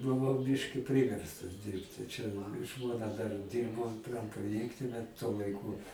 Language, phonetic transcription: Lithuanian, buˈvau ˈbiški ˈpriverstas ˈdirbti čia ˈžmona dar ˈdyrbo pramproˈjekte tuo laiˈku

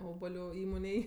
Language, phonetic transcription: Lithuanian, ˈobaliu ˈįmonėj

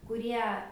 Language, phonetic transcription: Lithuanian, kuˈrie

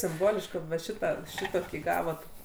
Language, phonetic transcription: Lithuanian, simˈbolišk kad va ˈšitą ˈšitokį ˈgavot

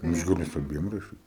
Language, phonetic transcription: Lithuanian, ˈaš gaˈliu su aˈbiem raˈšyt

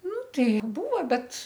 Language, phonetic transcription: Lithuanian, ˈnu ˈtai ˈbūva ˈbet

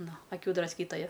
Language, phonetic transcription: Lithuanian, ˈnu aˈkių drasˈkytoja

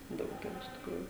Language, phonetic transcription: Lithuanian, ˈdaug iˈra iš tikˈrųju

